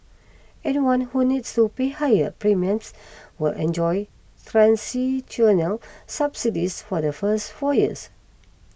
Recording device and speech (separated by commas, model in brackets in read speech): boundary microphone (BM630), read sentence